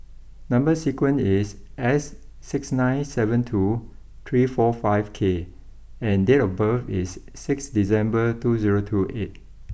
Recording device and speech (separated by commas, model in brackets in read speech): boundary microphone (BM630), read sentence